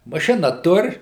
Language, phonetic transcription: Lithuanian, maˈšina ˈtur

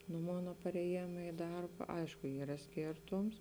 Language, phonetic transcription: Lithuanian, nu ˈmona pareˈjėma i ˈdarba ˈaišku ˈyra ˈskėrtoms

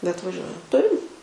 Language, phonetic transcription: Lithuanian, bet vaˈžiuoja ˈturim

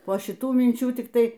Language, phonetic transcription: Lithuanian, po šiˈtų minˈčių tikˈtai

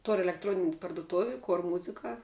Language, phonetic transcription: Lithuanian, tor' elekˈtronini parduˈtovi ˈkor ˈmuzika

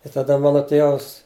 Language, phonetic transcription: Lithuanian, i taˈda ˈmano ˈtėvas

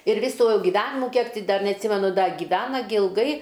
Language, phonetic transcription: Lithuanian, ir ˈvysu giˈvenimu ˈkiek ti ˈdar neatˈsymenu ˈda gyˈvena gi ilˈgai

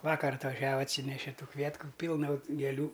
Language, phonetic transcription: Lithuanian, ˈvakar atvaˈžiava atˈsyneše ˈtų ˈkvietku ˈpylna gėˈlių

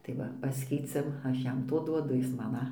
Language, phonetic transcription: Lithuanian, tai ˈva ˈpaskeiciam ˈaš ˈjam ˈto ˈduodu ˈjis ˈman a

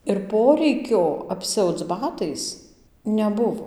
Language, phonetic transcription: Lithuanian, ir ˈporeikio apˈsiauc ˈbatais neˈbuvo

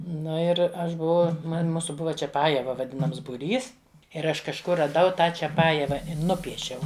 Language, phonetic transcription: Lithuanian, ˈnu ir ˈaš buˈvau ˈman' ˈmūsu ˈbuva čiaˈpajeva vaˈdinams buˈrys ir ˈaš kažˈkur raˈdau ˈtą čiaˈpajeva i ˈnupiešiau

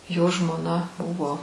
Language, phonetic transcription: Lithuanian, jo žmoˈna ˈbuvo

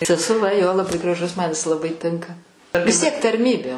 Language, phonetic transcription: Lithuanian, sesuˈva ˈjo laˈbai graˈžus man jis laˈbai ˈtinka vis ˈtiek tarˈmybė

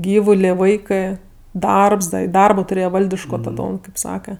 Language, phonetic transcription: Lithuanian, ˈgyvulė ˈvaikɜ ˈdarbs da i ˈdarbo tuˈrėje ˈvaldiško taˈdom kaip ˈsaka

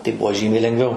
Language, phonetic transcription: Lithuanian, tai ˈbuo ˈžymiai lenˈgviau

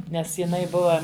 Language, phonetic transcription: Lithuanian, ˈnes jiˈnai ˈbuva

